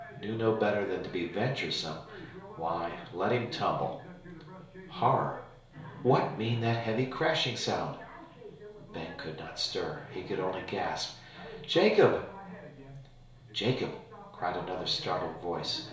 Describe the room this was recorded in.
A small room (about 3.7 m by 2.7 m).